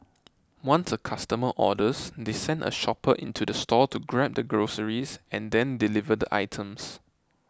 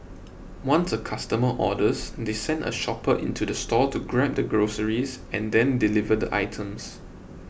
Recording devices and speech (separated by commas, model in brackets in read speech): close-talking microphone (WH20), boundary microphone (BM630), read sentence